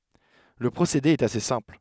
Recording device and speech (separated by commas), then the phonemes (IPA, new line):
headset microphone, read sentence
lə pʁosede ɛt ase sɛ̃pl